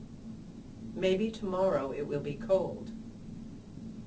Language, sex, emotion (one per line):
English
female
neutral